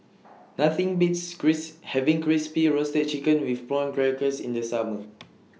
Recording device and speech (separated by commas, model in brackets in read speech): mobile phone (iPhone 6), read sentence